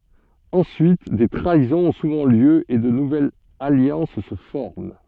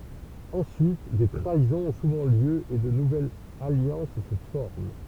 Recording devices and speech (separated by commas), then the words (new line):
soft in-ear microphone, temple vibration pickup, read sentence
Ensuite, des trahisons ont souvent lieu et de nouvelles alliances se forment.